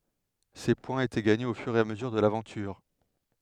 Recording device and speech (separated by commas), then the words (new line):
headset microphone, read sentence
Ces points étaient gagnés au fur et à mesure de l'aventure.